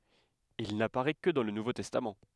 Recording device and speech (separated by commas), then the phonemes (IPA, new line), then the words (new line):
headset microphone, read sentence
il napaʁɛ kə dɑ̃ lə nuvo tɛstam
Il n'apparaît que dans le Nouveau Testament.